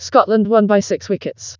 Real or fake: fake